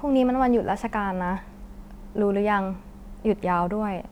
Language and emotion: Thai, frustrated